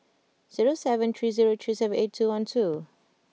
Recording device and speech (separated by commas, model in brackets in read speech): mobile phone (iPhone 6), read sentence